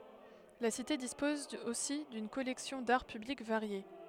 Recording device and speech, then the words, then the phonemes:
headset microphone, read sentence
La cité dispose aussi d'une collection d'Art Public variée.
la site dispɔz osi dyn kɔlɛksjɔ̃ daʁ pyblik vaʁje

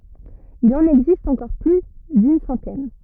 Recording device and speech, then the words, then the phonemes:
rigid in-ear microphone, read sentence
Il en existe encore plus d'une centaine.
il ɑ̃n ɛɡzist ɑ̃kɔʁ ply dyn sɑ̃tɛn

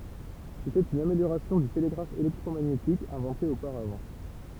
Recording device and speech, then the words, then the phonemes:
temple vibration pickup, read sentence
C’était une amélioration du télégraphe électromagnétique inventé auparavant.
setɛt yn ameljoʁasjɔ̃ dy teleɡʁaf elɛktʁomaɲetik ɛ̃vɑ̃te opaʁavɑ̃

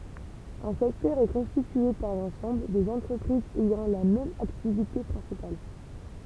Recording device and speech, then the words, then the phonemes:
temple vibration pickup, read sentence
Un secteur est constitué par l'ensemble des entreprises ayant la même activité principale.
œ̃ sɛktœʁ ɛ kɔ̃stitye paʁ lɑ̃sɑ̃bl dez ɑ̃tʁəpʁizz ɛjɑ̃ la mɛm aktivite pʁɛ̃sipal

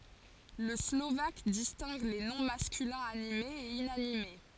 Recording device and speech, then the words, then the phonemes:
forehead accelerometer, read sentence
Le slovaque distingue les noms masculins animés et inanimés.
lə slovak distɛ̃ɡ le nɔ̃ maskylɛ̃z animez e inanime

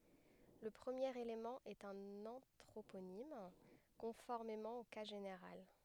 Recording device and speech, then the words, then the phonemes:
headset microphone, read sentence
Le premier élément est un anthroponyme, conformément au cas général.
lə pʁəmjeʁ elemɑ̃ ɛt œ̃n ɑ̃tʁoponim kɔ̃fɔʁmemɑ̃ o ka ʒeneʁal

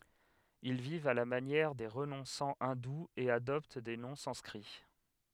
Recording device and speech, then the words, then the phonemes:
headset microphone, read sentence
Ils vivent à la manière des renonçants hindous et adoptent des noms sanscrits.
il vivt a la manjɛʁ de ʁənɔ̃sɑ̃ ɛ̃duz e adɔpt de nɔ̃ sɑ̃skʁi

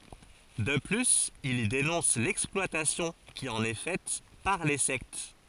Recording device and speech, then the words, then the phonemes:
forehead accelerometer, read sentence
De plus il y dénonce l'exploitation qui en est faite par les sectes.
də plyz il i denɔ̃s lɛksplwatasjɔ̃ ki ɑ̃n ɛ fɛt paʁ le sɛkt

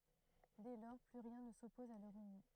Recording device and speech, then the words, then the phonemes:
throat microphone, read sentence
Dès lors, plus rien ne s'oppose à leur union.
dɛ lɔʁ ply ʁjɛ̃ nə sɔpɔz a lœʁ ynjɔ̃

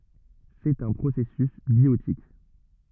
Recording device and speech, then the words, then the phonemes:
rigid in-ear microphone, read sentence
C'est un processus biotique.
sɛt œ̃ pʁosɛsys bjotik

